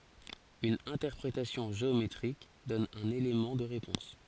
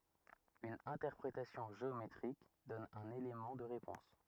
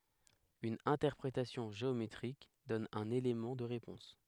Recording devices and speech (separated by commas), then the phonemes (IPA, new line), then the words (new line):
forehead accelerometer, rigid in-ear microphone, headset microphone, read sentence
yn ɛ̃tɛʁpʁetasjɔ̃ ʒeometʁik dɔn œ̃n elemɑ̃ də ʁepɔ̃s
Une interprétation géométrique donne un élément de réponse.